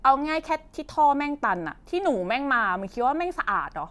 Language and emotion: Thai, frustrated